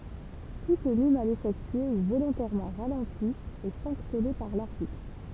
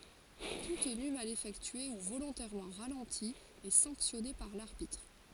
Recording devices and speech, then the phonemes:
temple vibration pickup, forehead accelerometer, read sentence
tu təny mal efɛktye u volɔ̃tɛʁmɑ̃ ʁalɑ̃ti ɛ sɑ̃ksjɔne paʁ laʁbitʁ

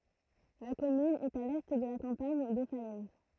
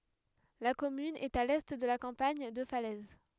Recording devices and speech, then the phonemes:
throat microphone, headset microphone, read sentence
la kɔmyn ɛt a lɛ də la kɑ̃paɲ də falɛz

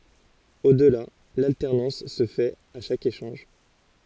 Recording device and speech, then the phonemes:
forehead accelerometer, read sentence
o dəla laltɛʁnɑ̃s sə fɛt a ʃak eʃɑ̃ʒ

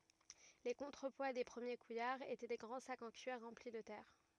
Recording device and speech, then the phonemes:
rigid in-ear microphone, read sentence
le kɔ̃tʁəpwa de pʁəmje kujaʁz etɛ de ɡʁɑ̃ sakz ɑ̃ kyiʁ ʁɑ̃pli də tɛʁ

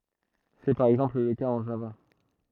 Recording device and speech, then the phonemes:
throat microphone, read sentence
sɛ paʁ ɛɡzɑ̃pl lə kaz ɑ̃ ʒava

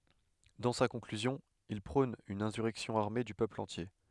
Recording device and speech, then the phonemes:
headset microphone, read sentence
dɑ̃ sa kɔ̃klyzjɔ̃ il pʁɔ̃n yn ɛ̃syʁɛksjɔ̃ aʁme dy pøpl ɑ̃tje

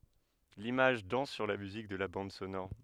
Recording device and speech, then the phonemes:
headset microphone, read sentence
limaʒ dɑ̃s syʁ la myzik də la bɑ̃d sonɔʁ

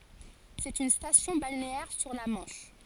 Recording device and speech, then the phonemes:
forehead accelerometer, read sentence
sɛt yn stasjɔ̃ balneɛʁ syʁ la mɑ̃ʃ

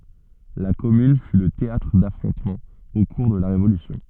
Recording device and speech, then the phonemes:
soft in-ear microphone, read sentence
la kɔmyn fy lə teatʁ dafʁɔ̃tmɑ̃z o kuʁ də la ʁevolysjɔ̃

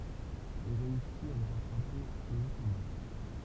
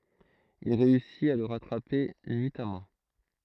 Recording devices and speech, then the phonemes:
temple vibration pickup, throat microphone, read sentence
il ʁeysit a lə ʁatʁape nyitamɑ̃

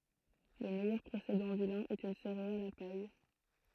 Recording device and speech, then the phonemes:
throat microphone, read sentence
lə mɛjœʁ pʁesedɑ̃ dy lɛ̃ ɛt yn seʁeal a paj

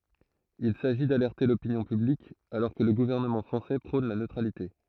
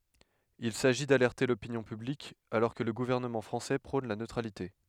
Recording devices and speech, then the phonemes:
throat microphone, headset microphone, read sentence
il saʒi dalɛʁte lopinjɔ̃ pyblik alɔʁ kə lə ɡuvɛʁnəmɑ̃ fʁɑ̃sɛ pʁɔ̃n la nøtʁalite

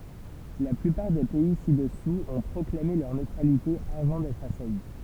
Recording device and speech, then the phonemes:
temple vibration pickup, read sentence
la plypaʁ de pɛi sidɛsuz ɔ̃ pʁɔklame lœʁ nøtʁalite avɑ̃ dɛtʁ asaji

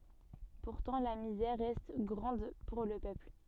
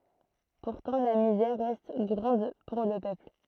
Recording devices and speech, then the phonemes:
soft in-ear microphone, throat microphone, read sentence
puʁtɑ̃ la mizɛʁ ʁɛst ɡʁɑ̃d puʁ lə pøpl

